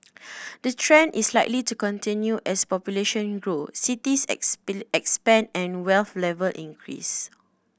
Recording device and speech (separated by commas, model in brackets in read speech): boundary microphone (BM630), read sentence